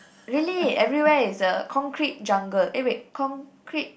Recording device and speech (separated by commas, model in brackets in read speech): boundary microphone, conversation in the same room